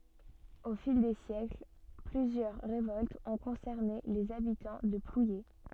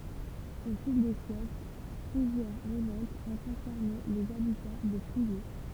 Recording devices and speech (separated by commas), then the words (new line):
soft in-ear microphone, temple vibration pickup, read sentence
Au fil des siècles, plusieurs révoltes ont concerné les habitants de Plouyé.